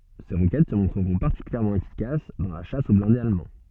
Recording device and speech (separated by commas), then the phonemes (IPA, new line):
soft in-ear microphone, read sentence
se ʁokɛt sə mɔ̃tʁəʁɔ̃ paʁtikyljɛʁmɑ̃ efikas dɑ̃ la ʃas o blɛ̃dez almɑ̃